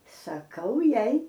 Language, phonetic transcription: Lithuanian, saˈkau ˈjai

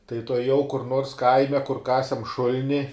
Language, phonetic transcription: Lithuanian, tai tuoˈjau kur nors ˈkaime kur ˈkasem ˈšul'ni

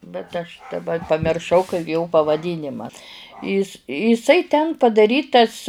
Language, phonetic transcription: Lithuanian, bet aš daˈba pamirˈšau kai jo pavaˈdynima ˈis iˈsai ten padaˈrytas

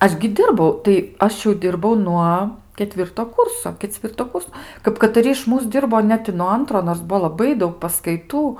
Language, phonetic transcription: Lithuanian, ˈaš gi ˈdirbau tai ˈaš jau ˈdirbau ˈnuo keˈtvirto ˈkūrso keˈcvirto ˈkurs kap kataˈri iš ˈmūs ˈdirbo ˈnet i nuo ˈantro nors ˈbuvo laˈbai ˈdaug paskaiˈtų

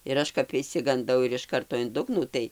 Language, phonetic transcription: Lithuanian, ir ˈaš kap išsiganˈdau ir iš ˈkarto in ˈdugnų ˈtai

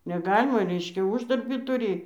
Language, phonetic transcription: Lithuanian, neˈgalima ˈreiškia ˈuždarbį tuˈry

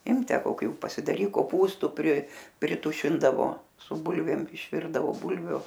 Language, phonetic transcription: Lithuanian, ˈimk ˈtę koˈkių pasidaˈryk koˈpūstu pri priˈtušindavo su ˈbulvėm išˈvirdavo ˈbulvių

